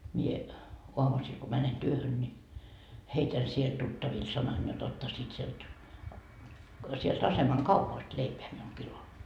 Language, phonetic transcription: Finnish, ńi , 'oamusiil ko 'mänen 'työhön ńi , 'heitän siel 'tuttavil sanan jot 'ottasiit sielt , sielt 'asemaŋ "kaupast 'leipeä miul 'kilo » .
- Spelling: niin aamusilla kun menen työhön niin heitän siellä tuttaville sanan jotta ottaisivat sieltä sieltä aseman kaupasta leipää minulle kilon

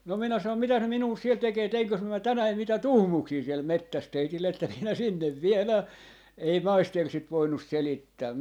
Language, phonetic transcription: Finnish, no 'minä sanom » 'mitäs ne 'minuu 'siel 'tekee 'teiŋkös (myö) 'tänäi mitä "tuhmuuksii siel "mettäs 'teitille että (minä) 'sinnev "vielää » , 'ei "maister sit 'voinnus "selittää .
- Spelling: no minä sanoin mitäs ne minua siellä tekee teinkös minä tänään mitä tuhmuuksia siellä metsässä teille että minä sinne viedään ei maisteri sitä voinut selittää

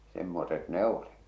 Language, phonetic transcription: Finnish, 'semmoset "ne ‿oli .
- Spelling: semmoiset ne oli

